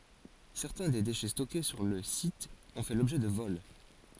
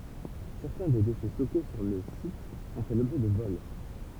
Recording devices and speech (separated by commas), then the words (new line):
forehead accelerometer, temple vibration pickup, read sentence
Certains des déchets stockés sur le site ont fait l'objet de vols.